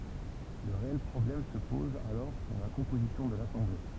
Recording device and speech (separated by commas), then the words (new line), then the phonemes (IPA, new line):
temple vibration pickup, read sentence
Le réel problème se pose alors pour la composition de l’Assemblée.
lə ʁeɛl pʁɔblɛm sə pɔz alɔʁ puʁ la kɔ̃pozisjɔ̃ də lasɑ̃ble